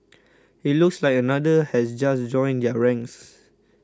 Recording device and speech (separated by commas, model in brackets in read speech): close-talking microphone (WH20), read sentence